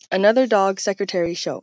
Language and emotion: English, surprised